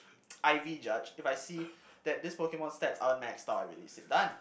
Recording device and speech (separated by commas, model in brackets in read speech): boundary microphone, conversation in the same room